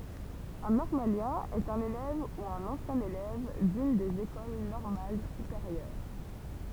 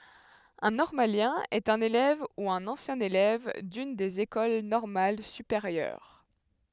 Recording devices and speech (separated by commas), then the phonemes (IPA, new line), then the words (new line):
temple vibration pickup, headset microphone, read sentence
œ̃ nɔʁmaljɛ̃ ɛt œ̃n elɛv u œ̃n ɑ̃sjɛ̃ elɛv dyn dez ekol nɔʁmal sypeʁjœʁ
Un normalien est un élève ou un ancien élève d'une des écoles normales supérieures.